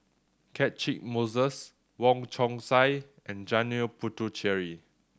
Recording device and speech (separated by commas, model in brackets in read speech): standing microphone (AKG C214), read sentence